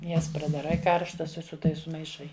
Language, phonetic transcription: Lithuanian, ˈjas pradaˈrai ˈkarštas i su ˈtais sumaiˈšai

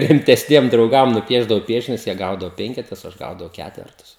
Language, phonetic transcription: Lithuanian, rimtesˈniem drauˈgam nuˈpiešdavau ˈpiešinius jie ˈgaudavo ˈpenketus o ˈaš ˈgaudavau ˈkætvertus

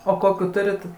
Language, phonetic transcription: Lithuanian, o ˈkokių ˈturit

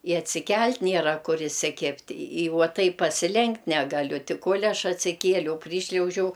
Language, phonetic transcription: Lithuanian, i atsiˈkel't' ˈniera ˈkur isiˈkib't' i ˈvuo ˈtaip pasiˈlenkt' ˈnegaˌliu ˈti ˈkol' ˈaš atsiˈkieliau ˈpryšliaužiau

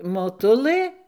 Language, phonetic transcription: Lithuanian, moˈtulɘ

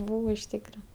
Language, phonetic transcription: Lithuanian, ˈbūvo iš ˈtykra

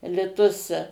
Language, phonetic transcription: Lithuanian, liˈtus

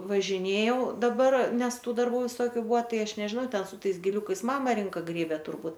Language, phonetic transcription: Lithuanian, važiˈnėjau daˈbar ˈnes ˈtų darˈbų viˈsokiu ˈbua ˈtai ˈaš nežiˈnau ˈten su ˈtais giˈliukais ˈmama ˈrinka ˈgrėbia turˈbūt

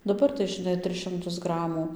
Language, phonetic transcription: Lithuanian, daˈbar tai žiˈnai ˈtris šimˈtus ˈgramų

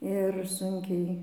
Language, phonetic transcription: Lithuanian, ir ˈsunkiai

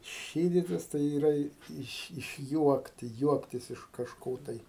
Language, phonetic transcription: Lithuanian, ˈšyditis tai yˈra i ˈiš išˈjuokti ˈjuoktis iš kažˈko tai

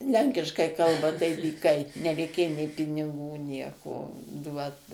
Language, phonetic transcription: Lithuanian, ˈlenkiškai ˈkalba tai dyˈkai nereiˈkėjo nė piniˈgų ˈnieko ˈduot

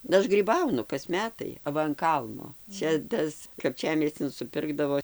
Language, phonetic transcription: Lithuanian, ˈaš gryˈbaunu kas ˈmetai aˈva an ˈkalno ˈčia ˈtas kapˈčiamiescin suˈpirkdavo

